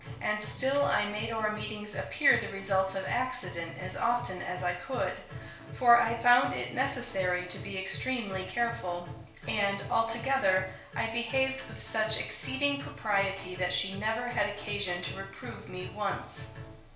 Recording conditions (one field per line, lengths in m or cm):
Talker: one person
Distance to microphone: 1.0 m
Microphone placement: close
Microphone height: 1.1 m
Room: small (3.7 m by 2.7 m)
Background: music